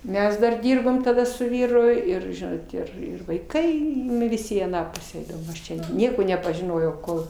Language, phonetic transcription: Lithuanian, ˈmes dar ˈdirbom taˈda su ˈvyru ˈir ˈžinot ir ˈir vaiˈkai ˈnu viˈsi į aˈną ˈpusę ˈeidavom ˈaš ˈčia ˈnieko nepažiˈnojau ˈkol

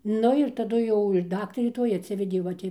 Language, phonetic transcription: Lithuanian, ˈnu ir taˈdu ˈjau ir ˈdaktarė ˈtoj atˈsivedė ˈva ti

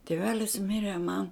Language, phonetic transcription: Lithuanian, tieˈvelis ˈmire man

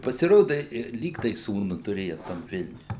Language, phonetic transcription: Lithuanian, i pasiˈroda i ir ˈlyg tai ˈsūnu tuˈrėja tam ˈvilniuj

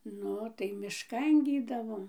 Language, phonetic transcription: Lithuanian, ˈnu tai mišˈkan ˈgydavom

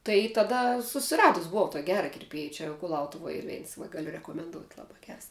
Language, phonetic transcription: Lithuanian, tai taˈda susiˈradus buˈvau tok' ˈgera kirˈpiej ˈčia kuˈlautuvoj ˈyr ˈveins va ˈgaliu rekomenˈdout' ˈlaba ˈgers

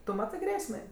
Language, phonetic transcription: Lithuanian, tu ˈmatɜ ˈgrėsmė

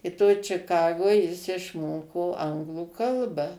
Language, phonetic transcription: Lithuanian, i toj čiˈkagoj jis išˈmoko ˈanglų ˈkalba

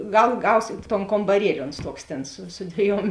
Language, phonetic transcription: Lithuanian, ˈgal ˈgausėt ton kombaˈrieli ˈons ˈtoks ˈtėn su su ˈdvieˌjuom

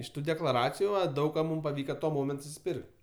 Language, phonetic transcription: Lithuanian, iš ˈtų deklaˈraciju ˈva ˈdaug ka ˈmūm paˈvyka tuo ˈmoment susiˈpirk't'

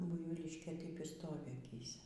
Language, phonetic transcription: Lithuanian, ˈbuivylyškė ˈtaip y ˈstovi aˈkyse

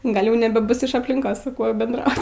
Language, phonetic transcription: Lithuanian, ˈgal' ˈjau nebeˈbus iš aplinˈkos su ˈkuo bendˈraut

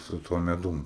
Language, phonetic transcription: Lithuanian, su ˈtuo meˈdum

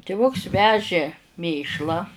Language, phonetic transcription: Lithuanian, tiˈvuks ˈvežė ˈmėšlą

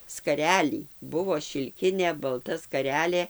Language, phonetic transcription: Lithuanian, skaˈrelį ˈbuvo šilˈkinė balˈta skaˈrelė

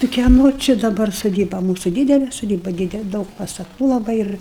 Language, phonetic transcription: Lithuanian, tai kieˈno či daˈbar soˈdyba ˈmūsu ˈdydele soˈdyba ˈdydel ˈdaug pastaˈtų laˈbai ir

